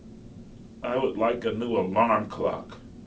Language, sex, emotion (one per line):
English
male
disgusted